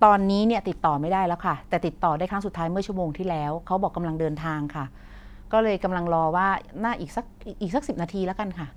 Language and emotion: Thai, neutral